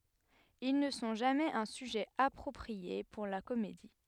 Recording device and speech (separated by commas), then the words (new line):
headset microphone, read sentence
Ils ne sont jamais un sujet approprié pour la comédie.